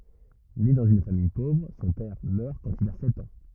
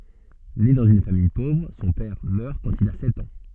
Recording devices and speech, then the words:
rigid in-ear microphone, soft in-ear microphone, read sentence
Né dans une famille pauvre, son père meurt quand il a sept ans.

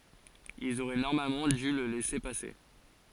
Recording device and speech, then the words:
forehead accelerometer, read sentence
Ils auraient normalement dû le laisser passer.

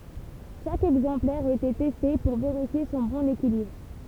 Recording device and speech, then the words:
temple vibration pickup, read sentence
Chaque exemplaire était testé pour vérifier son bon équilibre.

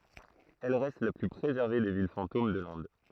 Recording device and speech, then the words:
throat microphone, read sentence
Elle reste la plus préservée des villes fantômes de l'Inde.

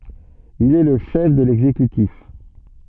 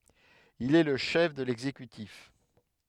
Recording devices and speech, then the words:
soft in-ear microphone, headset microphone, read sentence
Il est le chef de l'exécutif.

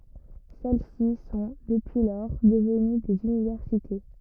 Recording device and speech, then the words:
rigid in-ear microphone, read sentence
Celles-ci sont, depuis lors, devenues des universités.

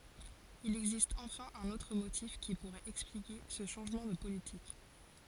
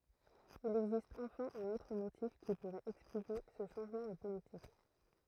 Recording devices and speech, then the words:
forehead accelerometer, throat microphone, read sentence
Il existe enfin un autre motif qui pourrait expliquer ce changement de politique.

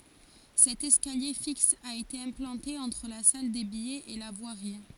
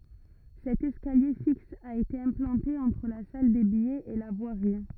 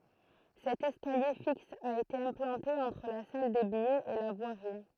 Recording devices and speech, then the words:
forehead accelerometer, rigid in-ear microphone, throat microphone, read sentence
Cet escalier fixe a été implanté entre la salle des billets et la voirie.

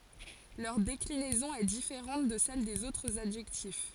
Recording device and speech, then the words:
forehead accelerometer, read sentence
Leur déclinaison est différente de celles des autres adjectifs.

